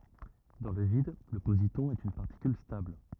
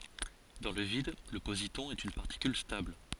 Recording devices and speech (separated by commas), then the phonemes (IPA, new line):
rigid in-ear microphone, forehead accelerometer, read sentence
dɑ̃ lə vid lə pozitɔ̃ ɛt yn paʁtikyl stabl